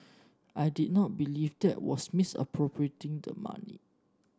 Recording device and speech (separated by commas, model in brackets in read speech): standing microphone (AKG C214), read sentence